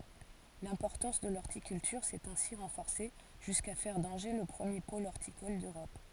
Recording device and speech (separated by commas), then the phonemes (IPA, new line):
forehead accelerometer, read sentence
lɛ̃pɔʁtɑ̃s də lɔʁtikyltyʁ sɛt ɛ̃si ʁɑ̃fɔʁse ʒyska fɛʁ dɑ̃ʒe lə pʁəmje pol ɔʁtikɔl døʁɔp